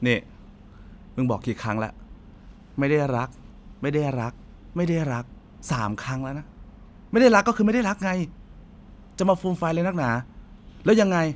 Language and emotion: Thai, angry